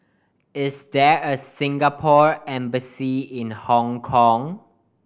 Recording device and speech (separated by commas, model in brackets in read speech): boundary microphone (BM630), read sentence